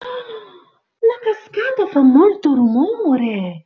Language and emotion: Italian, surprised